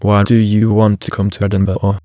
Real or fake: fake